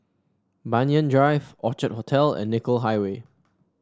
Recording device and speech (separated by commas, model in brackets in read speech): standing microphone (AKG C214), read sentence